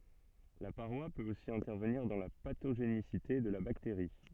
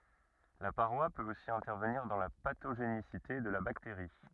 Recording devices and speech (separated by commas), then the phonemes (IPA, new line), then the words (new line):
soft in-ear microphone, rigid in-ear microphone, read sentence
la paʁwa pøt osi ɛ̃tɛʁvəniʁ dɑ̃ la patoʒenisite də la bakteʁi
La paroi peut aussi intervenir dans la pathogénicité de la bactérie.